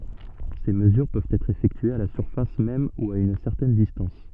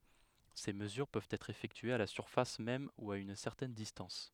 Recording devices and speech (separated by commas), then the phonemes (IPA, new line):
soft in-ear microphone, headset microphone, read sentence
se məzyʁ pøvt ɛtʁ efɛktyez a la syʁfas mɛm u a yn sɛʁtɛn distɑ̃s